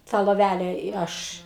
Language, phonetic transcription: Lithuanian, ˈtą loˈvæle i ˈaš

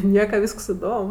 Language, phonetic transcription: Lithuanian, ˈnieka ˈvysks iˈdom

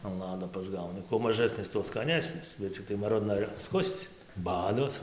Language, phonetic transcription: Lithuanian, an ˈlado pasˈgauni kuo maˈžasnis tuo skaˈnesnis bet cikˈtai maˈrudna ir apˈskus'c' ˈbados

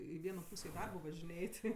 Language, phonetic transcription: Lithuanian, i ˈvieno ˈpūsė i ˈdarbo važiˈnėj ˈti

